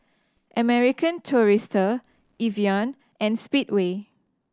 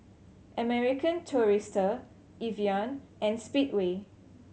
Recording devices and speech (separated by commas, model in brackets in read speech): standing microphone (AKG C214), mobile phone (Samsung C7100), read sentence